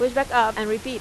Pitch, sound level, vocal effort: 235 Hz, 91 dB SPL, loud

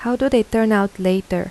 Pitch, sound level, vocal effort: 205 Hz, 82 dB SPL, soft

